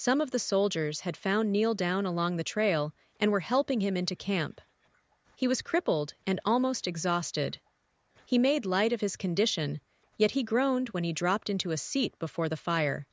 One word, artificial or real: artificial